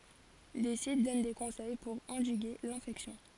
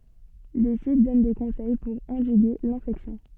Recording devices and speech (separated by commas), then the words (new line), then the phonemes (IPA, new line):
forehead accelerometer, soft in-ear microphone, read sentence
Des sites donnent des conseils pour endiguer l'infection.
de sit dɔn de kɔ̃sɛj puʁ ɑ̃diɡe lɛ̃fɛksjɔ̃